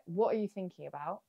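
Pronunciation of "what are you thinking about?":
The sentence is skimmed through in one run, and the t sounds are dropped.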